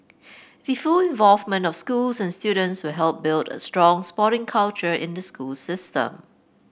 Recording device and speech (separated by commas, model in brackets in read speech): boundary microphone (BM630), read sentence